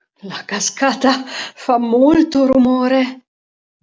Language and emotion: Italian, fearful